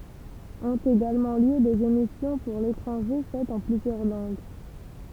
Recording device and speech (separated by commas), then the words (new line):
temple vibration pickup, read sentence
Ont également lieu des émissions pour l’étranger faites en plusieurs langues.